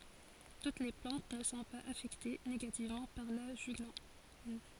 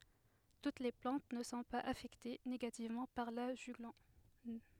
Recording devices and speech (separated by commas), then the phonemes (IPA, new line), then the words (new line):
forehead accelerometer, headset microphone, read sentence
tut le plɑ̃t nə sɔ̃ paz afɛkte neɡativmɑ̃ paʁ la ʒyɡlɔn
Toutes les plantes ne sont pas affectées négativement par la juglone.